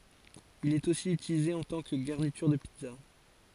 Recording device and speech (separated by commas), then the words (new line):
forehead accelerometer, read sentence
Il est aussi utilisé en tant que garniture de pizza.